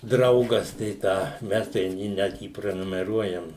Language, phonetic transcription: Lithuanian, ˈdraugas tai ˈtą ˈmes ten ˈjį ˈnet jį prenumeˈruojam

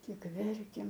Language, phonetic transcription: Lithuanian, tik ˈverkėm

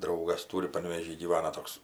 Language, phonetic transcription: Lithuanian, ˈdraugas ˈtūri panvėˈžy gyˈvana ˈtoks

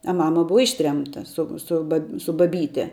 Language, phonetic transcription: Lithuanian, a ˈmama ˈbuva ˈištremta ˈsu su ˈba su baˈbyte

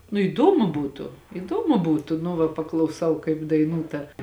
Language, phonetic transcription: Lithuanian, nu įˈdomu ˈbūtu iˈdomu ˈbūtu nu ˈva paklauˈsau kaip daiˈnū ˈta

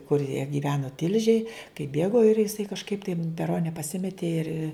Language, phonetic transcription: Lithuanian, kur jie gyˈvenu ˈtilžėj kaip ˈbėgo ir jiˈsai kažˈkaip tai m peˈrone paˈsimetė ir

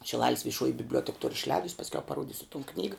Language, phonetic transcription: Lithuanian, šiˈlalis viˈšuoji bibˈliuotek tur išˈlēdus pasˈkiau paˈruodisu ton ˈknyga

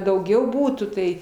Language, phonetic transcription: Lithuanian, dauˈgiau ˈbūtų tai

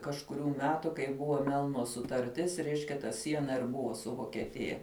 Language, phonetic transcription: Lithuanian, kažkuˈrių ˈmetu kai ˈbuvo ˈmelno sutarˈtis ˈreiškia ta ˈsiena ir ˈbuvo su vokeˈtija

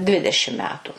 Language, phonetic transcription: Lithuanian, ˈdvidešim ˈmetu

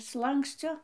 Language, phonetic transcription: Lithuanian, ˈslankscio

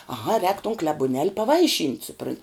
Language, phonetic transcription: Lithuanian, aˈha rēk ton klebuˈnel' paˈvaiˌšynt' suˈpran'

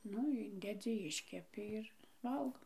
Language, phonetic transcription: Lithuanian, ˈnu ˈindedzi ˈiškepi ir ˈvalgo

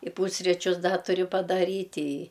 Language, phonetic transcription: Lithuanian, i ˈpūsričius ˈda tuˈriu padaˈryt' i

